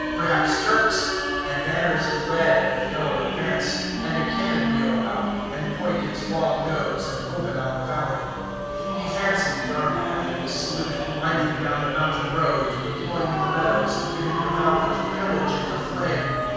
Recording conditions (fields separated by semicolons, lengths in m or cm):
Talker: one person; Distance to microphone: 7.1 m; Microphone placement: far; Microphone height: 1.7 m; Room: very reverberant, large; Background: music